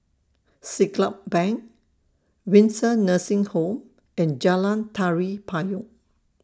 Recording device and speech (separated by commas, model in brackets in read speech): standing microphone (AKG C214), read sentence